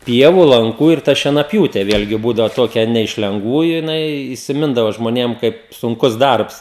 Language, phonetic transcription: Lithuanian, ˈpievu lanˈkų ir ˈta šienaˈpjūte ˈvėlgi ˈbūdavo ˈtokia ˈne iš lengˈvųju jiˈnai įsiˈmindavo žmoˈnėm ˈkaip sunˈkus ˈdarbs

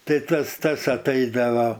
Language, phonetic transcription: Lithuanian, ˈtai ˈtas ˈtas atˈaidava

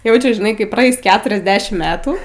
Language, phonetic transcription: Lithuanian, ˈjaučiu žiˈnai kai praˈeis ˈketuriasˌdešim ˈmetų

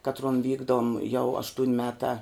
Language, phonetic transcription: Lithuanian, ˈkatruon ˈvykdom jau ˈaštūn' ˈmetā

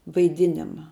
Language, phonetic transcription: Lithuanian, vaiˈdinima

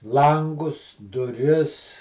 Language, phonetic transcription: Lithuanian, ˈlangus duˈris

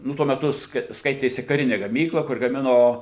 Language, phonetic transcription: Lithuanian, ˈnu tuo meˈtu ˈskai ˈskaitėsi kaˈrini gaˈmykla kur gaˈmino

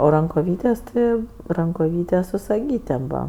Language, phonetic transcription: Lithuanian, o rankoˈvytės' ˈti rankoˈvytės' su saˈgytėm ˈbūva

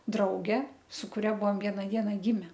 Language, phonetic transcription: Lithuanian, ˈdrauge su kuˈria ˈbuvom ˈviena ˈdiena ˈgime

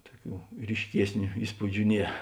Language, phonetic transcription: Lithuanian, ˈtuoˌkių ryšˈkiesniu ˈįspūdžiu ˈnie

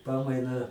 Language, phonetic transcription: Lithuanian, ˈpamainą

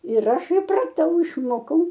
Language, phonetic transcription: Lithuanian, ir ˈaš ipraˈtau išˈmokau

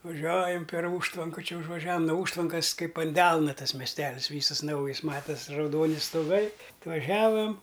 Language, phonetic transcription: Lithuanian, vaˈžiuojam per ˈūžtvanka čia užvaˈžiavam no ˈūžtvankas ˈkaip an ˈdelna ˈtas mesˈtelisˈvysas ˈnaujis ˈmatas' rauˈdoni stoˈgai atvaˈžiavam

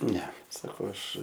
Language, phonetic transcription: Lithuanian, ˈne saˈkau ˈaš

